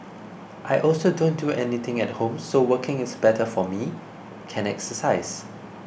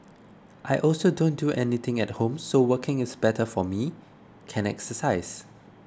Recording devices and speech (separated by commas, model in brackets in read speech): boundary microphone (BM630), close-talking microphone (WH20), read sentence